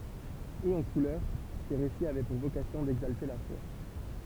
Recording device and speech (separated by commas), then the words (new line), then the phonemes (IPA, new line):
temple vibration pickup, read sentence
Hauts en couleurs, ces récits avaient pour vocation d'exalter la foi.
oz ɑ̃ kulœʁ se ʁesiz avɛ puʁ vokasjɔ̃ dɛɡzalte la fwa